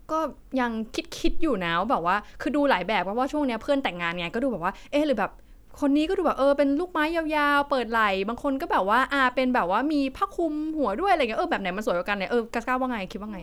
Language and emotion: Thai, neutral